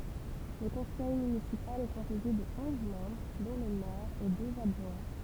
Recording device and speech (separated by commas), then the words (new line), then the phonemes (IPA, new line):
temple vibration pickup, read sentence
Le conseil municipal est composé de onze membres dont le maire et deux adjoints.
lə kɔ̃sɛj mynisipal ɛ kɔ̃poze də ɔ̃z mɑ̃bʁ dɔ̃ lə mɛʁ e døz adʒwɛ̃